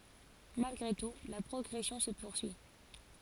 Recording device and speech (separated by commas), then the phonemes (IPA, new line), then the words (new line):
forehead accelerometer, read sentence
malɡʁe tu la pʁɔɡʁɛsjɔ̃ sə puʁsyi
Malgré tout, la progression se poursuit.